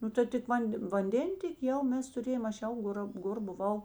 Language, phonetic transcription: Lithuanian, ˈnu tai tik ˈvan'd' vanˈdėntėki ˈjau ˈmes tuˈrėjom ˈaš ˈjau ˈgora ˈgor buˈvau

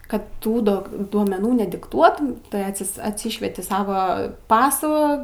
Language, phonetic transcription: Lithuanian, ˈkad ˈtų dok duomeˈnų nedikˈtuotum tai atˈsis atsyšvieti ˈsava ˈpasų

